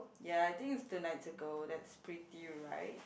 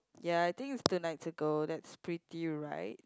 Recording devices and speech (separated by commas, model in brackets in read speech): boundary microphone, close-talking microphone, conversation in the same room